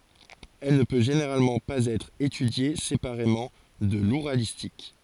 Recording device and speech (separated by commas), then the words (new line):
forehead accelerometer, read sentence
Elle ne peut généralement pas être étudiée séparément de l'ouralistique.